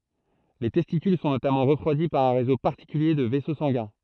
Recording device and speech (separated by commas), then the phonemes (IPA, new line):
throat microphone, read sentence
le tɛstikyl sɔ̃ notamɑ̃ ʁəfʁwadi paʁ œ̃ ʁezo paʁtikylje də vɛso sɑ̃ɡɛ̃